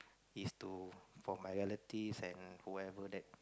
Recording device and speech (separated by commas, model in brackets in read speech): close-talking microphone, conversation in the same room